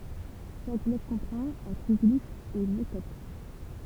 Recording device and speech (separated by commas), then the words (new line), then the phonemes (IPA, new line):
temple vibration pickup, read sentence
Chaque bloc comprend un triglyphe et une métope.
ʃak blɔk kɔ̃pʁɑ̃t œ̃ tʁiɡlif e yn metɔp